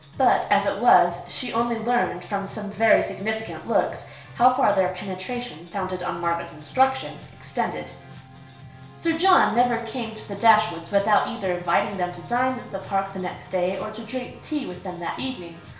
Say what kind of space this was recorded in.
A small space.